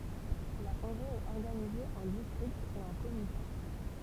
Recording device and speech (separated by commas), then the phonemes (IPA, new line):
temple vibration pickup, read sentence
la ɔ̃ɡʁi ɛt ɔʁɡanize ɑ̃ distʁiktz e ɑ̃ komita